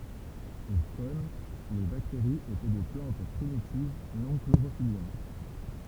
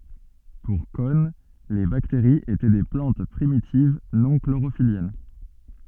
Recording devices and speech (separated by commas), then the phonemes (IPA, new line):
temple vibration pickup, soft in-ear microphone, read sentence
puʁ kɔn le bakteʁiz etɛ de plɑ̃t pʁimitiv nɔ̃ kloʁofiljɛn